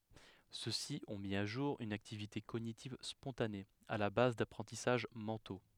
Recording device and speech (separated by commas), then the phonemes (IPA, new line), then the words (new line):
headset microphone, read sentence
sø si ɔ̃ mi a ʒuʁ yn aktivite koɲitiv spɔ̃tane a la baz dapʁɑ̃tisaʒ mɑ̃to
Ceux-ci ont mis à jour une activité cognitive spontanée, à la base d'apprentissages mentaux.